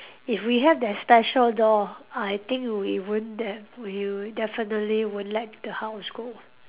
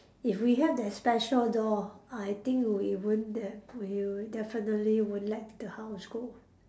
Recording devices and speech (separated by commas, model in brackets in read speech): telephone, standing microphone, conversation in separate rooms